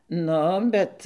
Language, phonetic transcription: Lithuanian, ˈnu ˈbet

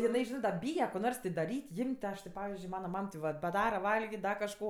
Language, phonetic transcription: Lithuanian, jiˈnai ˈžinɜ da ˈbyje ko ˈnors ti daˈryt' ˈjim't' ti ˈaš ti ˈpavizdžiui ˈmana ˈmam ti ˈvat baˈdara ˈvalgit' ˈda kažˈko

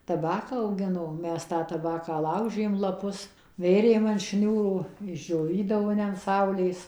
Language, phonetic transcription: Lithuanian, taˈbaką auˈgino ˈmes tą taˈbaką ˈlaužėm laˈpus ˈvėrėm an ˈšniūro išdžioˈvydavo ne an ˈsaulės

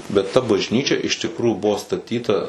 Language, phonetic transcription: Lithuanian, bet ta bažˈnyčia iš tikˈrųjų ˈbuvo staˈtyta

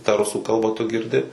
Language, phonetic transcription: Lithuanian, tą ˈrusų ˈkalba tu girˈdi

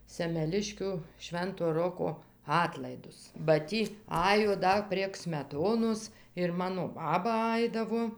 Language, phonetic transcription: Lithuanian, semeˈliškiu ˈšvento ˈroko ˈatlaidus ba ˈtį ˈajo ˈda prieg smeˈtonos ir ˈmano ˈbaba ˈaidavo

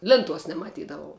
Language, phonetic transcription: Lithuanian, ˈlinˌtuos nemaˈtydavau

